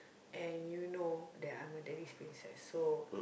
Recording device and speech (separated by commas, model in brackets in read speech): boundary microphone, conversation in the same room